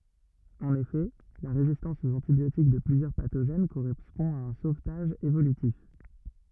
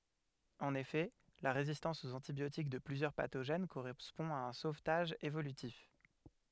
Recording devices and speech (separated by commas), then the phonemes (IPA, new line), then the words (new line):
rigid in-ear microphone, headset microphone, read sentence
ɑ̃n efɛ la ʁezistɑ̃s oz ɑ̃tibjotik də plyzjœʁ patoʒɛn koʁɛspɔ̃ a œ̃ sovtaʒ evolytif
En effet, la résistance aux antibiotiques de plusieurs pathogènes correspond à un sauvetage évolutif.